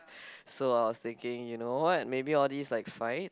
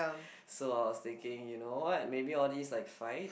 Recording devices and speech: close-talking microphone, boundary microphone, conversation in the same room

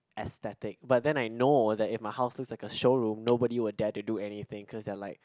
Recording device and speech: close-talking microphone, conversation in the same room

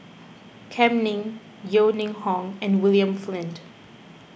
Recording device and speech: boundary microphone (BM630), read sentence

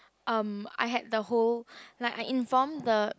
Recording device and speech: close-talking microphone, conversation in the same room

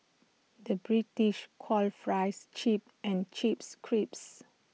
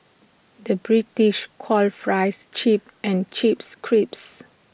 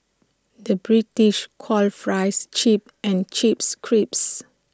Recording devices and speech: mobile phone (iPhone 6), boundary microphone (BM630), standing microphone (AKG C214), read sentence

